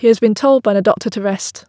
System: none